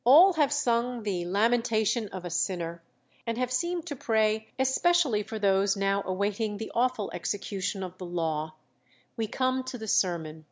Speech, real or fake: real